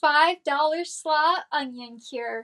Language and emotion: English, happy